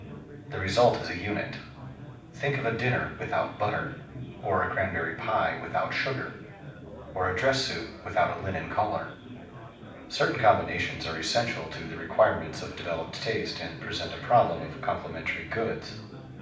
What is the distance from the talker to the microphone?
5.8 m.